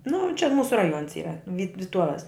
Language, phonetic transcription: Lithuanian, nu čia ˈmūsu raˈjuons ˈyra vyt viˈtuoves

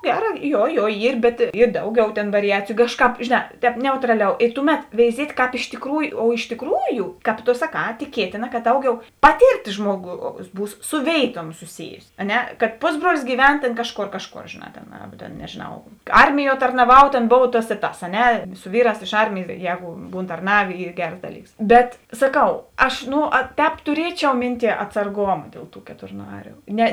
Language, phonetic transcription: Lithuanian, ˈgeˌrā jo jo ˈyr bet ˈy ˈdauˌgiau tėn variˈjaciju ˈkažˌkāp žėˈnā ˈtēp ˈneutraˌliau i ˈtuˌmet veiˈziet' kāp iš tiˈkrųju o iš tiˈkrųju kāp to saˈkā tiˈkietėna ka ˈdauˌgiau ˈpatėrˌtės ˈžmuoˌgaus ˈbūs su ˈvėituom suˈsijusi a ˈne kad ˈpusˌbruolis gyˈven tėn ˈkažˌkor ˈkažˌkor žėˈnā tėn ˈarba tėn nežėˈnau ˈarmiˌjuo tarnaˈvau tėn ˈbov tas i ˈtas a ˈne su ˈvyˌrās iš ˈarmėjės ˈjego ˈbūn tarˈnavė ˈy ˈgers ˈdaˌlyks ˈbet saˈkau ˈaš ˈno ˈtēp tuˈrieˌčiau ˈminˌtie atsarˈgoma ˈdiel ˌtų keturˈnariu ˈne

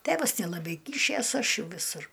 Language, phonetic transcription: Lithuanian, ˈtėvas nelaˈbai ˈkyšės ˈaš ˈjau viˈsur

